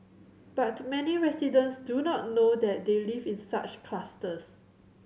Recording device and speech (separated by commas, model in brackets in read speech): mobile phone (Samsung C7100), read sentence